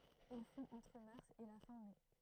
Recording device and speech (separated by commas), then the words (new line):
throat microphone, read sentence
Il fond entre mars et la fin mai.